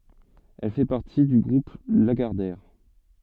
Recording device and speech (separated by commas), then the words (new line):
soft in-ear microphone, read sentence
Elle fait partie du groupe Lagardère.